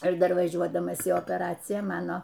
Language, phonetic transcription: Lithuanian, ir dar vaˈžiuodamas į opeˈraciją ˈmano

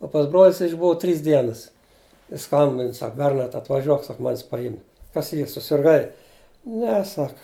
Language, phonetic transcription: Lithuanian, o pas ˈbroli jis išˈbuva ˈtrys ˈdienas ˈjis ˈskambin ˈsak ˈbernard atvaˈžiuok ˈsak ˈmanis paˈjim kas ˈyr susirˈgai ˈne ˈsak

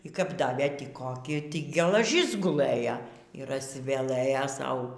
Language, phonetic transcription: Lithuanian, y ˈkap ˈdavė ˈtį koˈki tį gelaˈžis guˈlɘja yˈr ažsiveˈlɘja ˈsau

